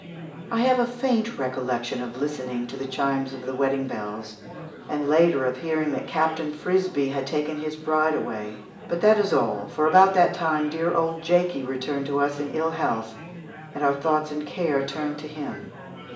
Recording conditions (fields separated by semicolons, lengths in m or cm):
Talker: one person; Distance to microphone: 1.8 m; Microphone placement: close; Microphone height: 1.0 m; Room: large; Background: babble